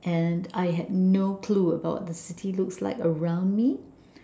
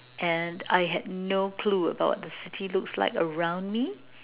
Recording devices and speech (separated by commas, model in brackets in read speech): standing microphone, telephone, conversation in separate rooms